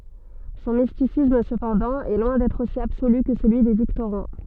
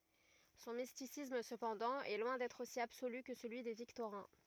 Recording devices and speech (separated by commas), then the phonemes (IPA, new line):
soft in-ear microphone, rigid in-ear microphone, read sentence
sɔ̃ mistisism səpɑ̃dɑ̃ ɛ lwɛ̃ dɛtʁ osi absoly kə səlyi de viktoʁɛ̃